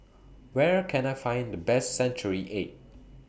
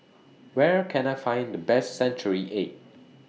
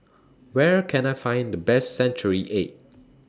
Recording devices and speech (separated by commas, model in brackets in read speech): boundary microphone (BM630), mobile phone (iPhone 6), standing microphone (AKG C214), read sentence